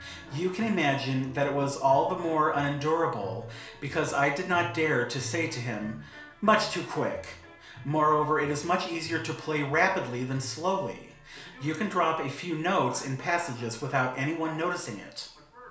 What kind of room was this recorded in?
A small space (about 3.7 m by 2.7 m).